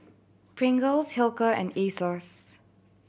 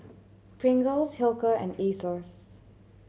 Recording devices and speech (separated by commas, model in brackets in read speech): boundary microphone (BM630), mobile phone (Samsung C7100), read sentence